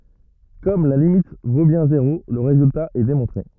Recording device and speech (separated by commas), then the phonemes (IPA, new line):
rigid in-ear microphone, read sentence
kɔm la limit vo bjɛ̃ zeʁo lə ʁezylta ɛ demɔ̃tʁe